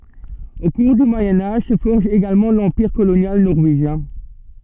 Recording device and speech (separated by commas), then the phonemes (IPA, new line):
soft in-ear microphone, read sentence
o kuʁ dy mwajɛ̃ aʒ sə fɔʁʒ eɡalmɑ̃ lɑ̃piʁ kolonjal nɔʁveʒjɛ̃